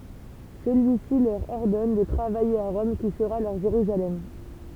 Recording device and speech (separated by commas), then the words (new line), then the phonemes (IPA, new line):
temple vibration pickup, read sentence
Celui-ci leur ordonne de travailler à Rome qui sera leur Jérusalem.
səlyisi lœʁ ɔʁdɔn də tʁavaje a ʁɔm ki səʁa lœʁ ʒeʁyzalɛm